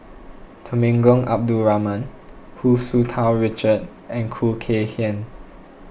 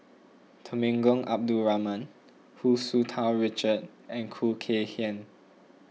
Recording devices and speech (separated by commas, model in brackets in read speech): boundary microphone (BM630), mobile phone (iPhone 6), read sentence